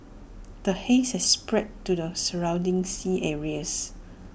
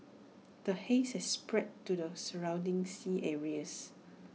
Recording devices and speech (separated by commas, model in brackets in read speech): boundary microphone (BM630), mobile phone (iPhone 6), read sentence